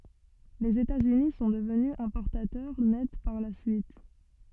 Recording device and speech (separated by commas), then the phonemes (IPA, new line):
soft in-ear microphone, read sentence
lez etatsyni sɔ̃ dəvny ɛ̃pɔʁtatœʁ nɛt paʁ la syit